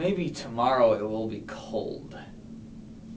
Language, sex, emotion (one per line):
English
male
neutral